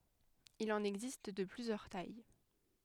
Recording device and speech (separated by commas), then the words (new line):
headset microphone, read sentence
Il en existe de plusieurs tailles.